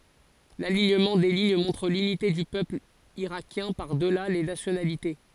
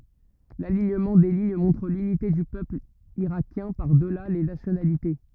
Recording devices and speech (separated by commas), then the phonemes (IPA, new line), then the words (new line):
forehead accelerometer, rigid in-ear microphone, read sentence
laliɲəmɑ̃ de liɲ mɔ̃tʁ lynite dy pøpl iʁakjɛ̃ paʁ dəla le nasjonalite
L'alignement des lignes montre l'unité du peuple irakien par-delà les nationalités.